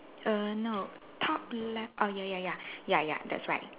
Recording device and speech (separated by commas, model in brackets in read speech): telephone, conversation in separate rooms